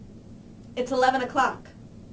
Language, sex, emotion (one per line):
English
female
neutral